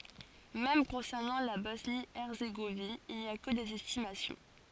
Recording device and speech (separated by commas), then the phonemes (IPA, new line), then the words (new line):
forehead accelerometer, read sentence
mɛm kɔ̃sɛʁnɑ̃ la bɔsnjəɛʁzeɡovin il ni a kə dez ɛstimasjɔ̃
Même concernant la Bosnie-Herzégovine il n’y a que des estimations.